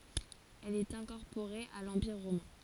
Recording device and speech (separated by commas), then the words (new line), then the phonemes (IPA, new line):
forehead accelerometer, read sentence
Elle est incorporée à l'Empire romain.
ɛl ɛt ɛ̃kɔʁpoʁe a lɑ̃piʁ ʁomɛ̃